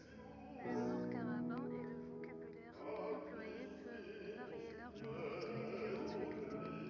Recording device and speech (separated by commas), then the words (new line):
rigid in-ear microphone, read sentence
L'humour carabin et le vocabulaire employé peuvent varier largement entre les différentes facultés.